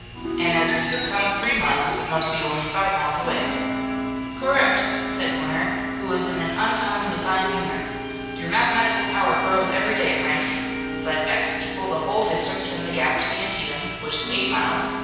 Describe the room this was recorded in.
A large and very echoey room.